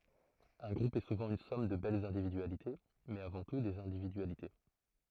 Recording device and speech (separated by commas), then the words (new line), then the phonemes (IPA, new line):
throat microphone, read sentence
Un groupe est souvent une somme de belles individualités mais, avant tout, des individualités.
œ̃ ɡʁup ɛ suvɑ̃ yn sɔm də bɛlz ɛ̃dividyalite mɛz avɑ̃ tu dez ɛ̃dividyalite